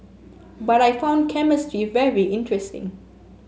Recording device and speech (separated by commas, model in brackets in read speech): mobile phone (Samsung S8), read sentence